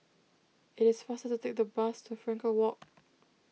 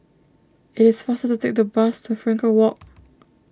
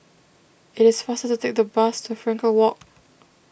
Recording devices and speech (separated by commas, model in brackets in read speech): mobile phone (iPhone 6), standing microphone (AKG C214), boundary microphone (BM630), read sentence